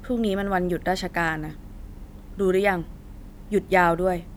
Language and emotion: Thai, neutral